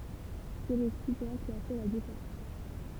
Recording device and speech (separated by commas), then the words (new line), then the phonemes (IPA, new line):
temple vibration pickup, read sentence
C'est le skipper qui a fait la différence.
sɛ lə skipe ki a fɛ la difeʁɑ̃s